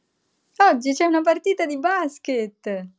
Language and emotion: Italian, happy